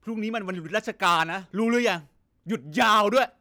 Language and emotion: Thai, angry